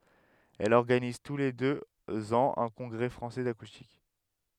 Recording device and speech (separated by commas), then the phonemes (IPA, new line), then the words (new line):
headset microphone, read sentence
ɛl ɔʁɡaniz tu le døz ɑ̃z œ̃ kɔ̃ɡʁɛ fʁɑ̃sɛ dakustik
Elle organise tous les deux ans un Congrès Français d'Acoustique.